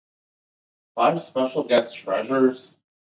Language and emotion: English, disgusted